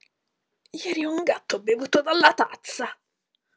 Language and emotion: Italian, disgusted